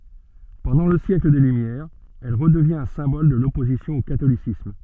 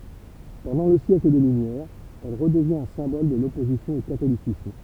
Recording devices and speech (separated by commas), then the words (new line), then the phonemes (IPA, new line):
soft in-ear microphone, temple vibration pickup, read sentence
Pendant le siècle des Lumières, elle redevient un symbole de l'opposition au catholicisme.
pɑ̃dɑ̃ lə sjɛkl de lymjɛʁz ɛl ʁədəvjɛ̃t œ̃ sɛ̃bɔl də lɔpozisjɔ̃ o katolisism